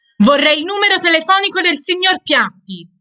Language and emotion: Italian, angry